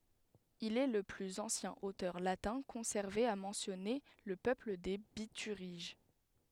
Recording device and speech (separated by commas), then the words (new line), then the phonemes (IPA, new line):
headset microphone, read sentence
Il est le plus ancien auteur latin conservé à mentionner le peuple des Bituriges.
il ɛ lə plyz ɑ̃sjɛ̃ otœʁ latɛ̃ kɔ̃sɛʁve a mɑ̃sjɔne lə pøpl de bityʁiʒ